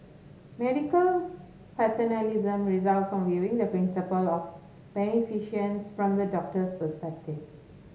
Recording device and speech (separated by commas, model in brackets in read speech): mobile phone (Samsung S8), read sentence